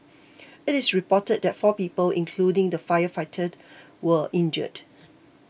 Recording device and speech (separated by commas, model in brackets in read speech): boundary microphone (BM630), read sentence